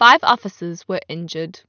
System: none